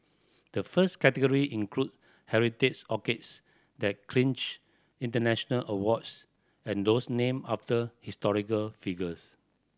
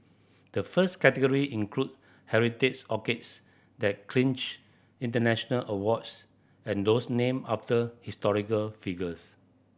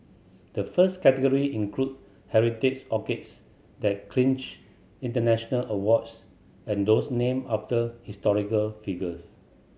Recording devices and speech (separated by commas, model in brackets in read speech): standing microphone (AKG C214), boundary microphone (BM630), mobile phone (Samsung C7100), read sentence